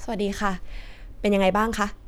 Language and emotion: Thai, neutral